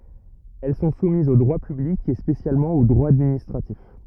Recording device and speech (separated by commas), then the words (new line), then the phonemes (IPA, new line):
rigid in-ear microphone, read sentence
Elles sont soumises au droit public et spécialement au droit administratif.
ɛl sɔ̃ sumizz o dʁwa pyblik e spesjalmɑ̃ o dʁwa administʁatif